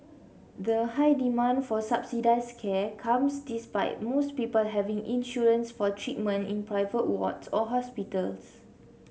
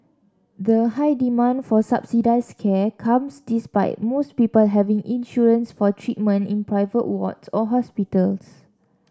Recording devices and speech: mobile phone (Samsung C7), standing microphone (AKG C214), read sentence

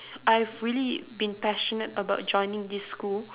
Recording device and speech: telephone, conversation in separate rooms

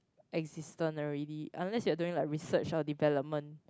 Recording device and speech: close-talking microphone, conversation in the same room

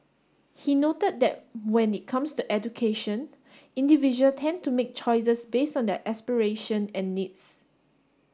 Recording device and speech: standing microphone (AKG C214), read sentence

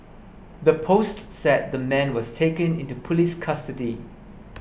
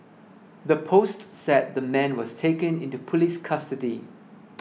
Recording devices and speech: boundary microphone (BM630), mobile phone (iPhone 6), read sentence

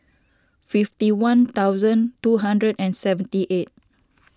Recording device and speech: standing microphone (AKG C214), read sentence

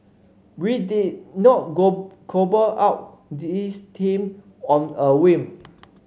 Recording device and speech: mobile phone (Samsung C5), read sentence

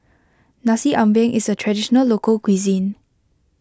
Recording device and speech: close-talking microphone (WH20), read sentence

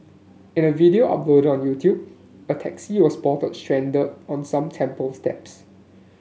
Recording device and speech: mobile phone (Samsung S8), read sentence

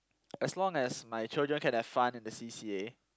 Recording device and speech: close-talking microphone, conversation in the same room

